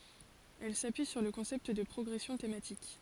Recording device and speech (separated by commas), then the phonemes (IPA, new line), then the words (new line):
forehead accelerometer, read sentence
ɛl sapyi syʁ lə kɔ̃sɛpt də pʁɔɡʁɛsjɔ̃ tematik
Elle s'appuie sur le concept de progression thématique.